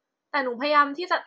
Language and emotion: Thai, frustrated